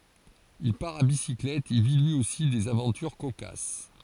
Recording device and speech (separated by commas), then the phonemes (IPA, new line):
forehead accelerometer, read sentence
il paʁ a bisiklɛt e vi lyi osi dez avɑ̃tyʁ kokas